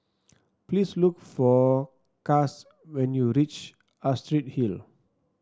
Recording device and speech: standing microphone (AKG C214), read sentence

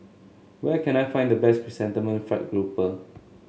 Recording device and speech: mobile phone (Samsung S8), read sentence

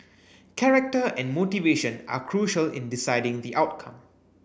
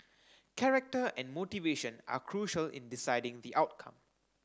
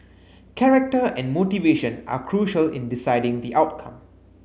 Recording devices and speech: boundary microphone (BM630), standing microphone (AKG C214), mobile phone (Samsung S8), read sentence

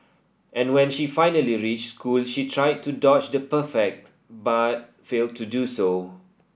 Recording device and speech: boundary microphone (BM630), read sentence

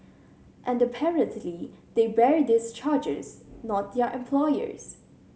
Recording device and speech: mobile phone (Samsung C7100), read sentence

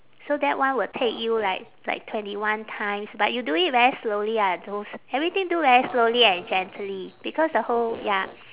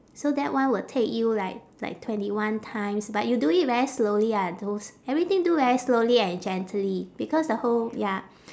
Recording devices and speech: telephone, standing microphone, conversation in separate rooms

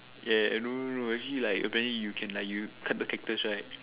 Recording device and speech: telephone, conversation in separate rooms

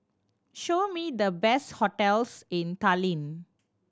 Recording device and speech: standing microphone (AKG C214), read sentence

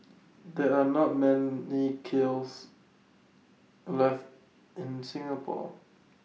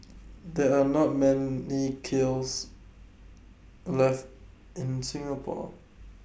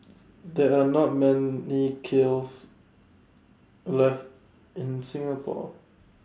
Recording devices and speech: mobile phone (iPhone 6), boundary microphone (BM630), standing microphone (AKG C214), read sentence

